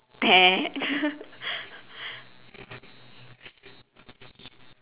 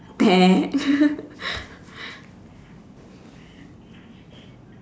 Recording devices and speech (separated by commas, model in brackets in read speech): telephone, standing microphone, conversation in separate rooms